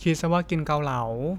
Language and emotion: Thai, neutral